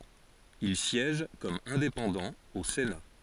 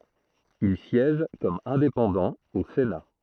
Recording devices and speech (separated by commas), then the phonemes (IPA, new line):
forehead accelerometer, throat microphone, read sentence
il sjɛʒ kɔm ɛ̃depɑ̃dɑ̃ o sena